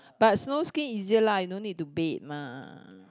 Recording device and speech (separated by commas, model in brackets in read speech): close-talking microphone, conversation in the same room